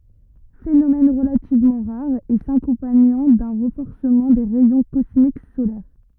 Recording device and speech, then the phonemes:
rigid in-ear microphone, read sentence
fenomɛn ʁəlativmɑ̃ ʁaʁ e sakɔ̃paɲɑ̃ dœ̃ ʁɑ̃fɔʁsəmɑ̃ de ʁɛjɔ̃ kɔsmik solɛʁ

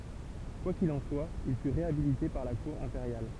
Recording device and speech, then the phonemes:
temple vibration pickup, read sentence
kwa kil ɑ̃ swa il fy ʁeabilite paʁ la kuʁ ɛ̃peʁjal

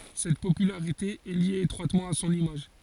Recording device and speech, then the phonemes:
forehead accelerometer, read sentence
sɛt popylaʁite ɛ lje etʁwatmɑ̃ a sɔ̃n imaʒ

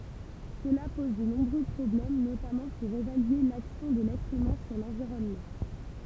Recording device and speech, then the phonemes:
temple vibration pickup, read sentence
səla pɔz də nɔ̃bʁø pʁɔblɛm notamɑ̃ puʁ evalye laksjɔ̃ də lɛtʁ ymɛ̃ syʁ lɑ̃viʁɔnmɑ̃

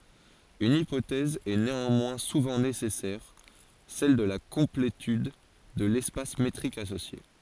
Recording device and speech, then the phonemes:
forehead accelerometer, read sentence
yn ipotɛz ɛ neɑ̃mwɛ̃ suvɑ̃ nesɛsɛʁ sɛl də la kɔ̃pletyd də lɛspas metʁik asosje

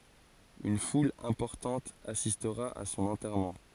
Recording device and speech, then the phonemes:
forehead accelerometer, read sentence
yn ful ɛ̃pɔʁtɑ̃t asistʁa a sɔ̃n ɑ̃tɛʁmɑ̃

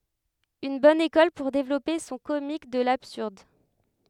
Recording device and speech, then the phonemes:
headset microphone, read sentence
yn bɔn ekɔl puʁ devlɔpe sɔ̃ komik də labsyʁd

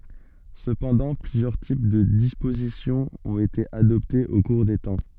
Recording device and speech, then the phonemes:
soft in-ear microphone, read sentence
səpɑ̃dɑ̃ plyzjœʁ tip də dispozisjɔ̃ ɔ̃t ete adɔptez o kuʁ de tɑ̃

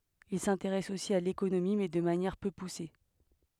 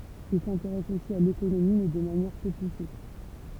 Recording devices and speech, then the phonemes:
headset microphone, temple vibration pickup, read sentence
il sɛ̃teʁɛs osi a lekonomi mɛ də manjɛʁ pø puse

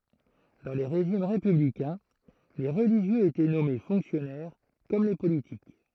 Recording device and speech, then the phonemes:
throat microphone, read sentence
dɑ̃ le ʁeʒim ʁepyblikɛ̃ le ʁəliʒjøz etɛ nɔme fɔ̃ksjɔnɛʁ kɔm le politik

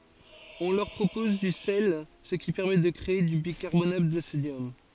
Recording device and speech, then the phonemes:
forehead accelerometer, read sentence
ɔ̃ lœʁ pʁopɔz dy sɛl sə ki pɛʁmɛ də kʁee dy bikaʁbonat də sodjɔm

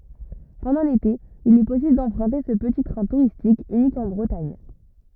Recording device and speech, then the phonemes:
rigid in-ear microphone, read sentence
pɑ̃dɑ̃ lete il ɛ pɔsibl dɑ̃pʁœ̃te sə pəti tʁɛ̃ tuʁistik ynik ɑ̃ bʁətaɲ

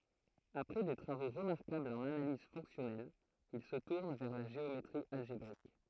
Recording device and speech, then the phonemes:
throat microphone, read sentence
apʁɛ de tʁavo ʁəmaʁkablz ɑ̃n analiz fɔ̃ksjɔnɛl il sə tuʁn vɛʁ la ʒeometʁi alʒebʁik

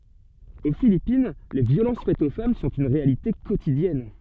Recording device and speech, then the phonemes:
soft in-ear microphone, read sentence
o filipin le vjolɑ̃s fɛtz o fam sɔ̃t yn ʁealite kotidjɛn

